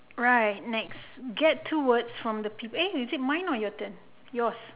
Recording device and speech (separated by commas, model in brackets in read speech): telephone, conversation in separate rooms